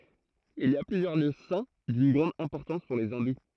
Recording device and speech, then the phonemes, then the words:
throat microphone, read sentence
il i a plyzjœʁ ljø sɛ̃ dyn ɡʁɑ̃d ɛ̃pɔʁtɑ̃s puʁ le ɛ̃du
Il y a plusieurs lieux saints d'une grande importance pour les hindous.

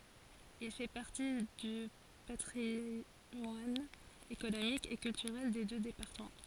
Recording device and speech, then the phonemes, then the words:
forehead accelerometer, read sentence
il fɛ paʁti dy patʁimwan ekonomik e kyltyʁɛl de dø depaʁtəmɑ̃
Il fait partie du patrimoine économique et culturel des deux départements.

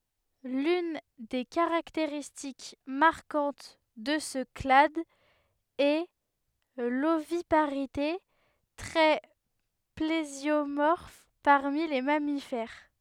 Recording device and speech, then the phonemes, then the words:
headset microphone, read sentence
lyn de kaʁakteʁistik maʁkɑ̃t də sə klad ɛ lovipaʁite tʁɛ plezjomɔʁf paʁmi le mamifɛʁ
L'une des caractéristiques marquantes de ce clade est l'oviparité, trait plésiomorphe parmi les mammifères.

